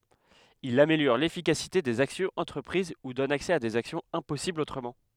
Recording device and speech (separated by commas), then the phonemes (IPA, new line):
headset microphone, read sentence
il ameljɔʁ lefikasite dez aksjɔ̃z ɑ̃tʁəpʁiz u dɔn aksɛ a dez aksjɔ̃z ɛ̃pɔsiblz otʁəmɑ̃